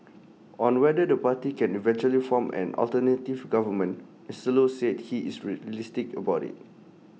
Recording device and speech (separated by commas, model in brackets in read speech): mobile phone (iPhone 6), read sentence